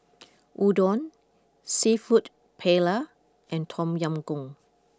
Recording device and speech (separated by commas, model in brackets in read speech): close-talking microphone (WH20), read sentence